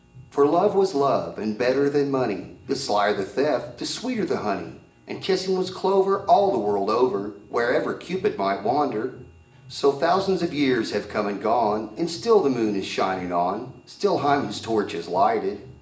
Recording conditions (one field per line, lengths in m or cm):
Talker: one person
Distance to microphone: 1.8 m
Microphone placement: close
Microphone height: 1.0 m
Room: large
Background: music